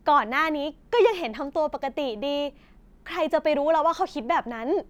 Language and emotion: Thai, happy